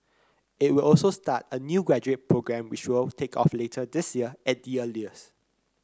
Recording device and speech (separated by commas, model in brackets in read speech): close-talking microphone (WH30), read sentence